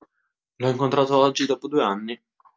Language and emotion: Italian, surprised